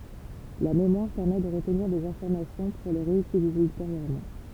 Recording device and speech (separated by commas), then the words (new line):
temple vibration pickup, read sentence
La mémoire permet de retenir des informations pour les réutiliser ultérieurement.